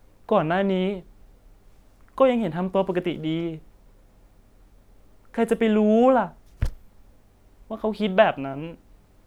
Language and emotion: Thai, sad